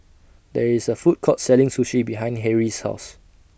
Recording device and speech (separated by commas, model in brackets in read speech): boundary microphone (BM630), read sentence